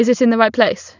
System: none